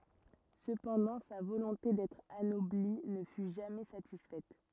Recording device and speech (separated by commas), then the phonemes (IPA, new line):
rigid in-ear microphone, read sentence
səpɑ̃dɑ̃ sa volɔ̃te dɛtʁ anɔbli nə fy ʒamɛ satisfɛt